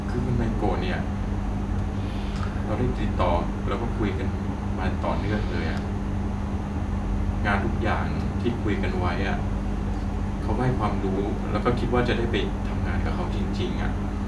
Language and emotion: Thai, neutral